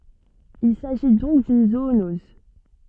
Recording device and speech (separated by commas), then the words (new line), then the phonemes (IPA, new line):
soft in-ear microphone, read sentence
Il s'agit donc d'une zoonose.
il saʒi dɔ̃k dyn zoonɔz